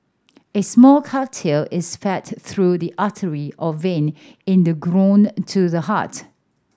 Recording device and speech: standing microphone (AKG C214), read sentence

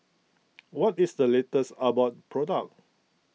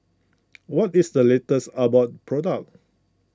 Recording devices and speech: mobile phone (iPhone 6), close-talking microphone (WH20), read sentence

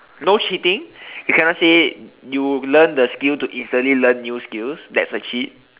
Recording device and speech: telephone, conversation in separate rooms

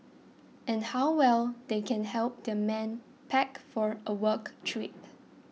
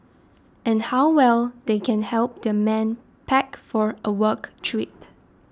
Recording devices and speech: mobile phone (iPhone 6), standing microphone (AKG C214), read sentence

